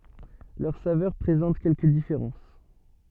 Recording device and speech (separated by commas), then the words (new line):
soft in-ear microphone, read sentence
Leurs saveurs présentent quelques différences.